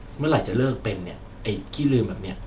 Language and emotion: Thai, frustrated